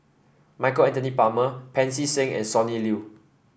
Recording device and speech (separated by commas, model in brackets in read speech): boundary microphone (BM630), read sentence